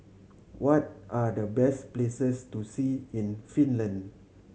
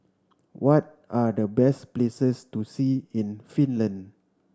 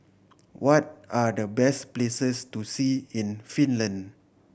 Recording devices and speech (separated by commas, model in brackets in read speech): mobile phone (Samsung C7100), standing microphone (AKG C214), boundary microphone (BM630), read sentence